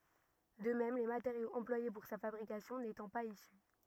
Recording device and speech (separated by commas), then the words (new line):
rigid in-ear microphone, read sentence
De même, les matériaux employés pour sa fabrication n'étant pas issus.